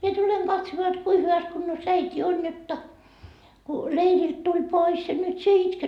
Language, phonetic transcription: Finnish, mie 'tuleŋ katsmoa jot 'kui hyväs kunnos 'äit́i on jotta , ku , 'leirilt tuĺ 'pois ja nyt sie 'itket .
- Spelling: minä tulen katsomaan jotta kuinka hyvässä kunnossa äiti on jotta kun leiriltä tuli pois ja nyt sinä itket

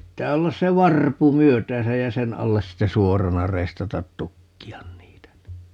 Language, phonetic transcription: Finnish, 'pittää 'ollas se "varpu "myöt̀ääsäj ja "sen 'alles 'sitte "suorana 'reistatat "tukki₍an 'niitä (ni) .
- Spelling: pitää olla se varpu myötäänsä ja sen alle sitten suorana reistata tukkia niitä niin

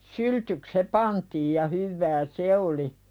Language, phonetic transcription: Finnish, syltyk se 'pantiij ja 'hyvvä "se oli .
- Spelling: syltyksi se pantiin ja hyvää se oli

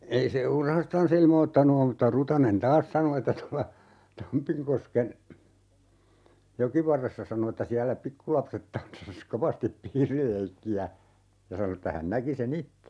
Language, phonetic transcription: Finnish, 'ei se [m]"urhastan̬s ‿ilmoottanu 'om mutta 'Rutanen "taas sano että tolla , 'Tampiŋkosken , "jokivarressa sano että » 'siällä "pikkulapset 'tanssas "kovastip 'piirileikki₍ä » , ja 'sano että 'hän 'näki se"n ‿itte .
- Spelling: ei se murhastansa ilmoittanut ole mutta Rutanen taas sanoi että tuolla Tampinkosken jokivarressa sanoi että siellä pikkulapset tanssasi kovasti piirileikkiä ja sanoi että hän näki sen itse

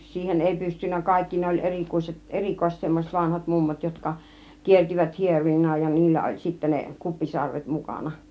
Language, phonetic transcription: Finnish, siihen 'èi pystynnä "kàikki ne oĺ 'erikuise- , "erikoiset semmos͕et 'vanhat "mummot jotka , 'kiertivät "hierojina ja "niillä oĺ sittä 'ne , 'kuppisarvet 'mukàna .
- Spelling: siihen ei pystynyt kaikki ne oli - erikoiset semmoiset vanhat mummot jotka kiersivät hierojina ja niillä oli sitten ne kuppisarvet mukana

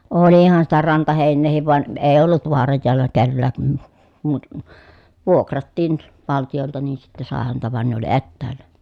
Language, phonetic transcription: Finnish, oolihan sitä rantahèinneehiv van , eej ‿ollut voaraj jòella kellää , (kun muut) , vuokrattiin , valtijolta nii sittɛ sàe häntä van ne ‿oli ettäällä .
- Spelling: olihan sitä rantaheinääkin vaan ei ollut vaaran joella kenelläkään kun muut vuokrattiin valtiolta niin sitten sai häntä vaan ne oli etäällä

